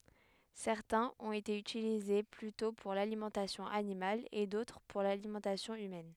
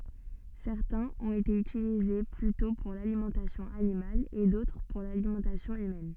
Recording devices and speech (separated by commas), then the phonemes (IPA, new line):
headset microphone, soft in-ear microphone, read sentence
sɛʁtɛ̃z ɔ̃t ete ytilize plytɔ̃ puʁ lalimɑ̃tasjɔ̃ animal e dotʁ puʁ lalimɑ̃tasjɔ̃ ymɛn